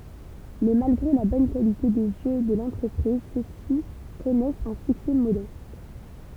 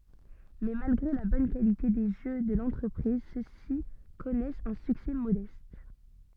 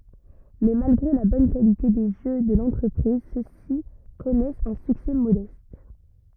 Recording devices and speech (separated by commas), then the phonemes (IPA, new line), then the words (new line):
temple vibration pickup, soft in-ear microphone, rigid in-ear microphone, read sentence
mɛ malɡʁe la bɔn kalite de ʒø də lɑ̃tʁəpʁiz sø si kɔnɛst œ̃ syksɛ modɛst
Mais, malgré la bonne qualité des jeux de l'entreprise, ceux-ci connaissent un succès modeste.